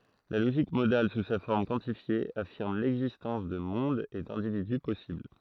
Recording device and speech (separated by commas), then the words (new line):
throat microphone, read sentence
La logique modale sous sa forme quantifiée affirme l'existence de mondes et d'individus possibles.